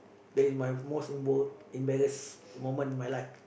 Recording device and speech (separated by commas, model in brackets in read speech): boundary microphone, conversation in the same room